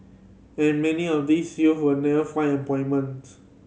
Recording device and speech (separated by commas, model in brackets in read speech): mobile phone (Samsung C7100), read sentence